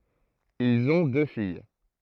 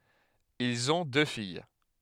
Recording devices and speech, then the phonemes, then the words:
throat microphone, headset microphone, read sentence
ilz ɔ̃ dø fij
Ils ont deux filles.

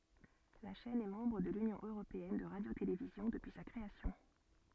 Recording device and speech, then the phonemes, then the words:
soft in-ear microphone, read sentence
la ʃɛn ɛ mɑ̃bʁ də lynjɔ̃ øʁopeɛn də ʁadjotelevizjɔ̃ dəpyi sa kʁeasjɔ̃
La chaîne est membre de l'Union européenne de radio-télévision depuis sa création.

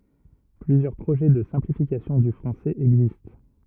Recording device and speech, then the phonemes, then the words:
rigid in-ear microphone, read sentence
plyzjœʁ pʁoʒɛ də sɛ̃plifikasjɔ̃ dy fʁɑ̃sɛz ɛɡzist
Plusieurs projets de simplifications du français existent.

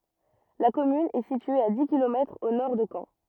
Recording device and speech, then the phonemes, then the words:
rigid in-ear microphone, read sentence
la kɔmyn ɛ sitye a di kilomɛtʁz o nɔʁ də kɑ̃
La commune est située à dix kilomètres au nord de Caen.

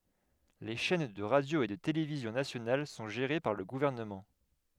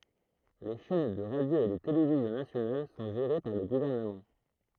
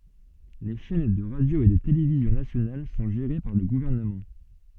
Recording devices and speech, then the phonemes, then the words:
headset microphone, throat microphone, soft in-ear microphone, read sentence
le ʃɛn də ʁadjo e də televizjɔ̃ nasjonal sɔ̃ ʒeʁe paʁ lə ɡuvɛʁnəmɑ̃
Les chaînes de radio et de télévision nationales sont gérées par le gouvernement.

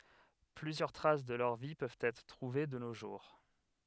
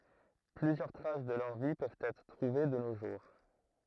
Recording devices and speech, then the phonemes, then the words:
headset microphone, throat microphone, read sentence
plyzjœʁ tʁas də lœʁ vi pøvt ɛtʁ tʁuve də no ʒuʁ
Plusieurs traces de leur vie peuvent être trouvées de nos jours.

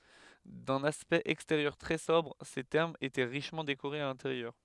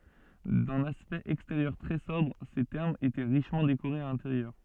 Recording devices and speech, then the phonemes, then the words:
headset microphone, soft in-ear microphone, read sentence
dœ̃n aspɛkt ɛksteʁjœʁ tʁɛ sɔbʁ se tɛʁmz etɛ ʁiʃmɑ̃ dekoʁez a lɛ̃teʁjœʁ
D’un aspect extérieur très sobre, ces thermes étaient richement décorés à l’intérieur.

